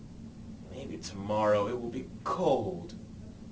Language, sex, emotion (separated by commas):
English, male, disgusted